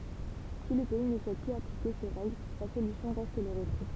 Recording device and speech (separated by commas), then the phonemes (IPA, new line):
temple vibration pickup, read sentence
si lə pɛi nə suɛt plyz aplike se ʁɛɡl la solysjɔ̃ ʁɛst lə ʁətʁɛ